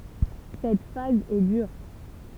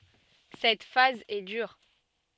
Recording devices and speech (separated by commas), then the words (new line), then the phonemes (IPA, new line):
temple vibration pickup, soft in-ear microphone, read sentence
Cette phase est dure.
sɛt faz ɛ dyʁ